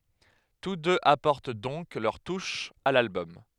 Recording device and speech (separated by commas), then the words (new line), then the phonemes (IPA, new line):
headset microphone, read sentence
Tous deux apportent donc leur touche à l'album.
tus døz apɔʁt dɔ̃k lœʁ tuʃ a lalbɔm